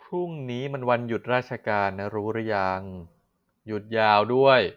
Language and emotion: Thai, frustrated